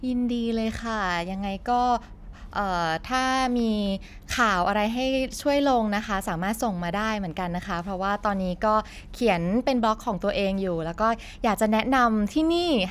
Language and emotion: Thai, happy